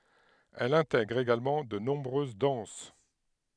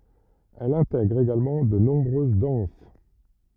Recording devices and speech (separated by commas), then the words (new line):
headset microphone, rigid in-ear microphone, read sentence
Elle intègre également de nombreuses danses.